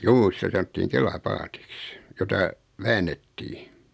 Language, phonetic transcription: Finnish, 'juu 'sitä sanottiiŋ "kela"paatɪks , jota , "väännettii .
- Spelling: juu sitä sanottiin kelapaatiksi jota väännettiin

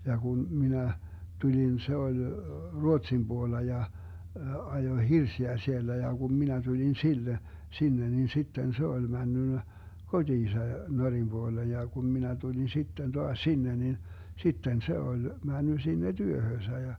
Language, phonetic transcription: Finnish, 'ja kun 'minä , 'tuĺin 'se oĺ , "Ruotsim 'Buolla ja , 'ajoⁱ "hirsiä 'siellä ja kum minä 'tuĺin "sille , 'sinne nin 'sitten "se oĺ 'männynnä , 'koDiisa , 'Norim 'Buoleej ja kun 'minä tuĺin 'sitten 'toaś "sinne nin , 'sitten "se oĺ , 'männy sinne "työhöösä ja ,.
- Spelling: ja kun minä tulin se oli Ruotsin puolella ja ajoi hirsiä siellä ja kun minä tulin sille sinne niin sitten se oli mennyt kotiinsa Norjan puoleen ja kun minä tulin sitten taas sinne niin sitten se oli mennyt sinne työhönsä ja

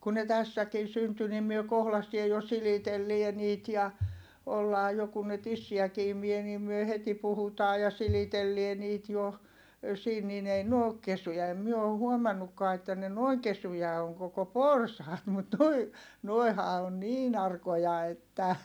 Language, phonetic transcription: Finnish, kun ne tässäkin̬ synty nim myö kohlastie jo silitellie niit ja , ollaa jo kun ne tissiäki imie niim myö heti puhutaa ja silitellie niit jo , siin niin ‿ei n ‿ook kesyjä ei myö o huomannukkaa että ne noiŋ kesuja oŋ koko porsaat mut nuoi , nuoi̮ha on niin ‿arkoja että .
- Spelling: kun ne tässäkin syntyi niin me kohdasteen jo silitellään niitä ja ollaan jo kun ne tissiäkin imi niin me heti puhutaan ja silitellään niitä jo siinä niin ei ne ole kesyjä ei me ole huomannutkaan että ne noin kesyjä on koko porsaat mutta nuo nuohan on niin arkoja että

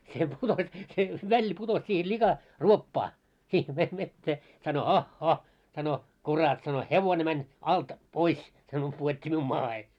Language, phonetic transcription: Finnish, se putos , se 'Välli putos sihe 'liika , "ruoppaa , sih ve- vettee , sano » 'hah'hah « , sano » 'kurat « sano » 'hevone mäń , 'alt 'pois « , sano » 'puot́t́i miun 'maahe « .
- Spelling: se putosi se Välli putosi siihen lika ruoppaan siihen - veteen sanoi hah hah sanoi kurat sanoi hevonen meni alta pois sanoi pudotti minun maahan

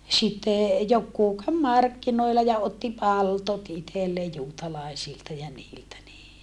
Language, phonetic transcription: Finnish, sitte , jokkuu käv markkinoilla ja otti paltot itellee juutalàesilta ja niiltä nii .
- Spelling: sitten joku kävi markkinoilla ja otti palttoot itselleen juutalaisilta ja niiltä niin

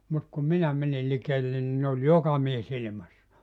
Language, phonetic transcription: Finnish, 'mut kum "minä mänil 'likeellen ni ne oĺ "joka 'mies 'ilⁱmassa .
- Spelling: mutta kun minä menin likelle niin ne oli joka mies ilmassa

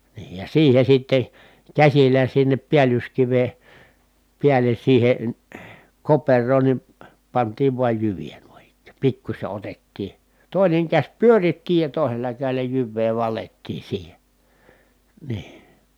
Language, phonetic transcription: Finnish, nii ja siihe sitte , käsillä sinnep piälyskive , piälen̬ siihen̬ , koper̀oon ni , pant̀iiv vuaj jyvijä nuin ‿ik̆kÄÄ , pikkuśe otettii , tòineŋ käś pyöritti ja tòi̮sella kä̀i̮l̀ä jyvvee valettii siihe , nii .
- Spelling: niin ja siihen sitten käsillä sinne päällyskiven päälle siihen koperoon niin pantiin vain jyviä noin ikään pikkuisen otettiin toinen käsi pyöritti ja toisella kädellä jyvää valettiin siihen niin

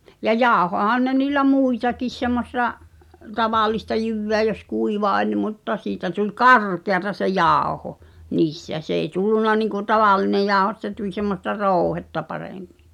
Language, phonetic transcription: Finnish, ja 'jàohohan ne niillä 'mùitakis semmos(s)a , "tavàlista 'jyvveä jos 'kuiva oĺ mutta 'siitä tuĺ "karkeata se "jàoho , 'niis(t)ä s ‿èi 'tullunna niŋku "tavàllinej jaaᵒho [?mu]t se tuĺ semmosta "rooᵘhetta 'parèmmɪ .
- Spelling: ja jauhoihan ne niillä muitakin semmoista tavallista jyvää jos kuiva oli mutta siitä tuli karkeata se jauho niistä se ei tullut niin kuin tavallinen jauho mutta se tuli semmoista rouhetta paremmin

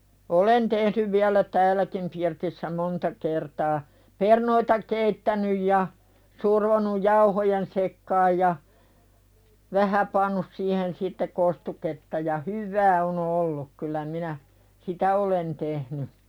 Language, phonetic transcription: Finnish, olen tehnyv viälä 'tääläkim pirtissä 'monta kertaa , 'pernoita "keittänyj ja , 'survonuj "jauhojen sekkaaj ja , "vähä pannus siihen sitte 'kostuketta ja , "hyvvää o'n ‿olluk kylä minä , "sitä olen tehny .
- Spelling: olen tehnyt vielä täälläkin pirtissä monta kertaa perunoita keittänyt ja survonut jauhojen sekaan ja vähän pannut siihen sitten kostuketta ja hyvää on ollut kyllä minä sitä olen tehnyt

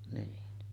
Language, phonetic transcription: Finnish, niin .
- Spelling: niin

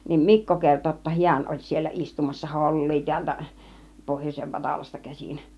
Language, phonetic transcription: Finnish, niim "Mikko 'kerto ‿°tta "hiän oĺ 'siellä 'istumassa "hol̀lii tiältä , 'pohjos͕ev 'Vatalasta käsin .
- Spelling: niin Mikko kertoi jotta hän oli siellä istumassa hollia täältä pohjoisen Vatalasta käsin

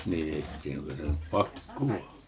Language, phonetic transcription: Finnish, 'nii ei (sitä tiä) 'oŋko se nyt "pakkuwa .
- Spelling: niin ei sitä tiedä onko se nyt pakkoa

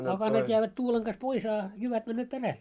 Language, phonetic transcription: Finnish, 'akanat jäävät 'tuuleŋ ɢas 'pois a , 'jyvät männööt 'peräl .
- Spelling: akanat jäävät tuulen kanssa pois a jyvät menevät perälle

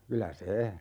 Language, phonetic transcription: Finnish, 'kylä "se ,.
- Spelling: kyllä se

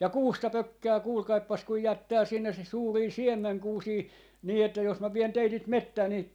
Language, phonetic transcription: Finnish, ja "kuusta "pökkää 'kuulkaippas kuj 'jättää 'sinnes (se) 'suurii "siemmeŋkuusii , nii että jos mä 'vien 'teitit "mettää 'ni , .
- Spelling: ja kuusta pökkää kuulkaapas kun jättää sinne se suuria siemenkuusia niin että jos minä vien teidät metsään niin

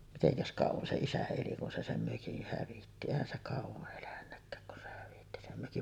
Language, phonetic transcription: Finnish, 'miteŋkäs 'kàuvan se isä eli kun se 'sem "mökih 'hävitti , èihän se 'kàuva’ ’elännäkkääk kun se hävitti sem mökin .
- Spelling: mitenkäs kauan se isä eli kun se sen mökin hävitti eihän se kauan elänytkään kun se hävitti sen mökin

